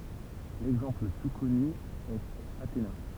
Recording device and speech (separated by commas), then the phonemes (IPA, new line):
temple vibration pickup, read sentence
lɛɡzɑ̃pl lə ply kɔny ɛt atena